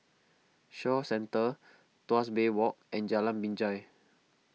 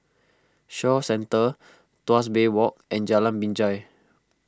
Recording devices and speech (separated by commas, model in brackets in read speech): mobile phone (iPhone 6), close-talking microphone (WH20), read sentence